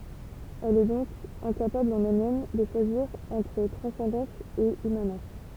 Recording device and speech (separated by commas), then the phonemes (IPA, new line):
temple vibration pickup, read sentence
ɛl ɛ dɔ̃k ɛ̃kapabl ɑ̃n ɛlmɛm də ʃwaziʁ ɑ̃tʁ tʁɑ̃sɑ̃dɑ̃s e immanɑ̃s